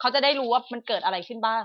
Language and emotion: Thai, frustrated